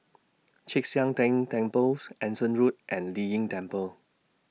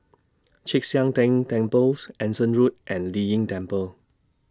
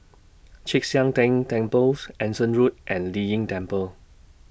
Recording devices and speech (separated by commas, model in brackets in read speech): mobile phone (iPhone 6), standing microphone (AKG C214), boundary microphone (BM630), read sentence